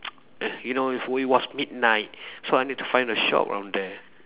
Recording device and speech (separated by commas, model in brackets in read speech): telephone, conversation in separate rooms